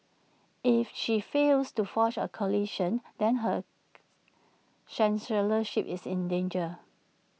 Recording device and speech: mobile phone (iPhone 6), read sentence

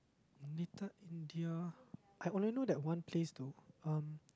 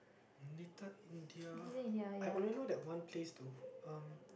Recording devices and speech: close-talking microphone, boundary microphone, conversation in the same room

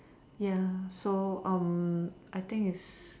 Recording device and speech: standing microphone, conversation in separate rooms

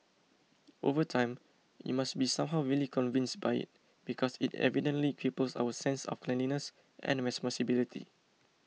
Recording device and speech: mobile phone (iPhone 6), read sentence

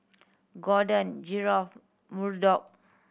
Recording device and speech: boundary microphone (BM630), read sentence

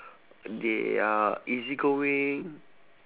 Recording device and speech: telephone, conversation in separate rooms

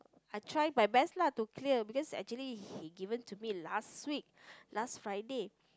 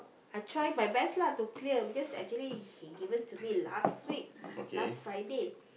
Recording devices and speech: close-talking microphone, boundary microphone, conversation in the same room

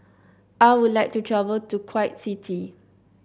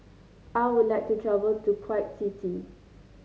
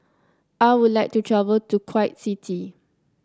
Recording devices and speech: boundary microphone (BM630), mobile phone (Samsung C9), close-talking microphone (WH30), read sentence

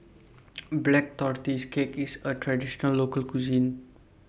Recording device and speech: boundary microphone (BM630), read sentence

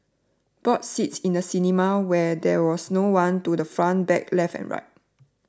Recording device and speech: standing microphone (AKG C214), read sentence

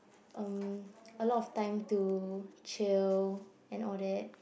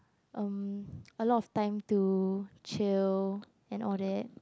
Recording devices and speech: boundary microphone, close-talking microphone, conversation in the same room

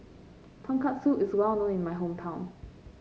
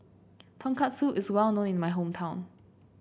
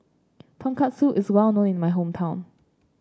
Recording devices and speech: mobile phone (Samsung C5), boundary microphone (BM630), standing microphone (AKG C214), read sentence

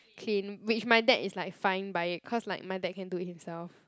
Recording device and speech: close-talking microphone, conversation in the same room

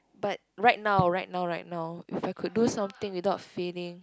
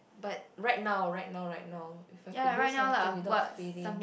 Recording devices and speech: close-talking microphone, boundary microphone, conversation in the same room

